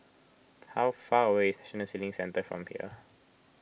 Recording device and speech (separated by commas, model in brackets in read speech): boundary microphone (BM630), read sentence